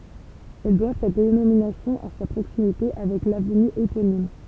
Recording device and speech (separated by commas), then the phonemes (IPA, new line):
temple vibration pickup, read sentence
ɛl dwa sa denominasjɔ̃ a sa pʁoksimite avɛk lavny eponim